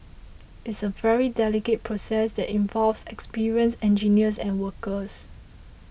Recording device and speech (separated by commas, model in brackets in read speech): boundary microphone (BM630), read sentence